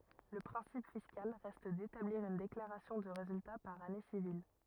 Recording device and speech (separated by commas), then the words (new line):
rigid in-ear microphone, read sentence
Le principe fiscal reste d'établir une déclaration de résultat par année civile.